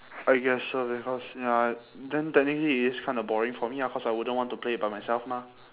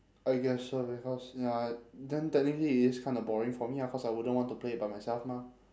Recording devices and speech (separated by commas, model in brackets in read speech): telephone, standing microphone, conversation in separate rooms